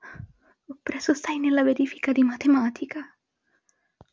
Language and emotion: Italian, fearful